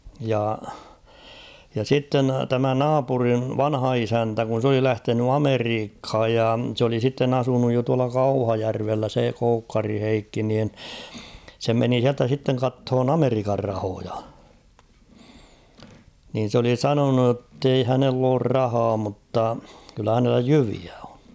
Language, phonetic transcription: Finnish, ja , ja 'sitten 'tämä "naapuriv "vanha 'isäntä kun̬ s ‿oli 'lähteny "Ameriikh̭aj ja s ‿oli sitten ‿'asunuj jo tuala "Kauhajärvellä se 'Koukkari "Heikki niin , 'se meni siältä sitteŋ 'kathon "Ameri̳kar 'rahoja , nin̬ s ‿oli "sanonu ‿ttei 'hänell ‿oor "rahaa mutta , kyllä hänellä "jyviä ᴏɴ .
- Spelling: ja ja sitten tämä naapurin vanha isäntä kun se oli lähtenyt Amerikkaan ja se oli sitten asunut jo tuolla Kauhajärvellä se Koukkarin Heikki niin se meni sieltä sitten katsomaan Amerikan rahoja niin se oli sanonut että ei hänellä ole rahaa mutta kyllä hänellä jyviä on

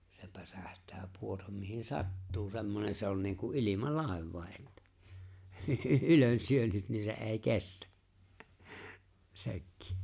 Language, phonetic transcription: Finnish, se 'päsähtää 'puotam mihin "sattuu semmonen̬ se on niiŋku’ '’ilima'làevvàe’ ’ettᴀ̈ , "ylön"syönyt 'niin se '’e̬e̬ⁱ "kestᴀ̈ , 'se̬kkɪ .
- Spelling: se päsähtää pudota mihin sattuu semmoinen se on niin kuin ilmalaivakin että ylensyönyt niin se ei kestä sekin

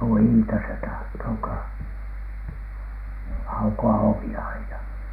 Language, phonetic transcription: Finnish, tuo "Iita se tahtoo ka- , "auko₍a "ovi₍a 'aina .
- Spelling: tuo Iita se tahtoo - aukoa ovia aina

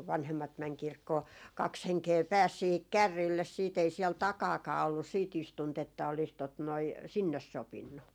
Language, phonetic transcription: Finnish, kuv "vanhemmat mɛŋ 'kirkkoo , 'kaks 'heŋkee "pääs 'siihik "kärriilles siit ‿ei siɛl "takaakaa ollus sii't ‿istunt ‿että olis tot noi , "sinnes 'sopinnu .
- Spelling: kun vanhemmat meni kirkkoon kaksi henkeä pääsi siihen kärreille sitten ei siellä takanakaan ollut sitten istuinta että olisi tuota noin sinne sopinut

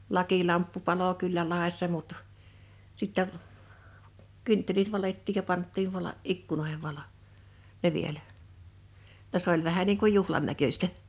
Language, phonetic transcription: Finnish, 'lakilamppu 'palo kyllä 'lài̬ssa mut , 'sittä , 'kynttelit 'valettiij ja 'panttiiv 'vala- , 'ikkunoḙhev valo , 'ne vielä , [jo]tta 's ‿oĺ vähä niiŋ kuj̆ ‿'juhlan näköstä .
- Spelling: lakilamppu paloi kyllä laessa mutta sitten kynttilät valettiin ja pantiin - ikkunoihin valo ne vielä jotta se oli vähän niin kuin juhlan näköistä

